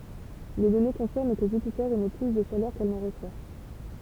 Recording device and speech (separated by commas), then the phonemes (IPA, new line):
temple vibration pickup, read sentence
le dɔne kɔ̃fiʁm kə ʒypite emɛ ply də ʃalœʁ kɛl nɑ̃ ʁəswa